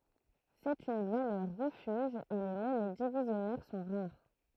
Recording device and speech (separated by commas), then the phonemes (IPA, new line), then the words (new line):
throat microphone, read sentence
sɛt yn valœʁ ʁəfyʒ e le mɔnɛ divizjɔnɛʁ sɔ̃ ʁaʁ
C'est une valeur refuge et les monnaies divisionnaires sont rares.